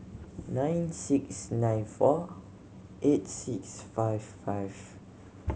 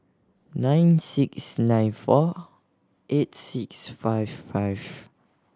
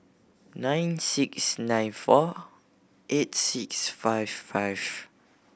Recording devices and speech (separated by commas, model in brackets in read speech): mobile phone (Samsung C7100), standing microphone (AKG C214), boundary microphone (BM630), read sentence